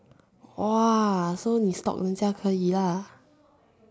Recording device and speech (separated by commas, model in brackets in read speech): standing microphone, conversation in separate rooms